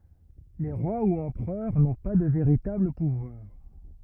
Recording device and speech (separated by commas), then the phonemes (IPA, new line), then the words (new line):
rigid in-ear microphone, read sentence
le ʁwa u ɑ̃pʁœʁ nɔ̃ pa də veʁitabl puvwaʁ
Les rois ou empereurs n’ont pas de véritable pouvoir.